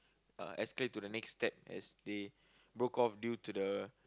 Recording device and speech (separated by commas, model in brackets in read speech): close-talking microphone, conversation in the same room